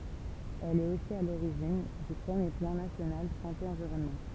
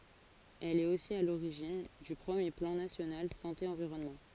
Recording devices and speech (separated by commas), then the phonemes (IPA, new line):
temple vibration pickup, forehead accelerometer, read sentence
ɛl ɛt osi a loʁiʒin dy pʁəmje plɑ̃ nasjonal sɑ̃te ɑ̃viʁɔnmɑ̃